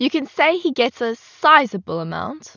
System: none